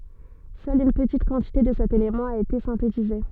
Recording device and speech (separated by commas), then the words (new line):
soft in-ear microphone, read sentence
Seule une petite quantité de cet élément a été synthétisée.